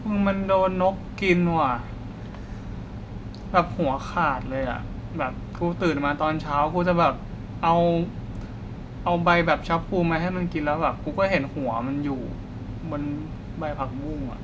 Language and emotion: Thai, frustrated